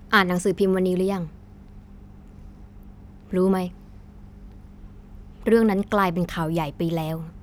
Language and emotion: Thai, frustrated